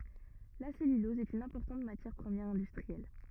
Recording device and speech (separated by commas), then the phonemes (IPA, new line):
rigid in-ear microphone, read sentence
la sɛlylɔz ɛt yn ɛ̃pɔʁtɑ̃t matjɛʁ pʁəmjɛʁ ɛ̃dystʁiɛl